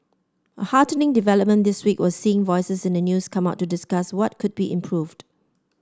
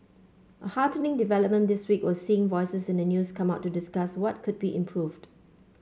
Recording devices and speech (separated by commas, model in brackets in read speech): standing microphone (AKG C214), mobile phone (Samsung C5), read sentence